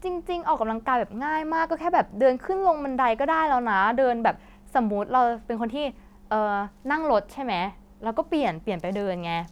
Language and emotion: Thai, neutral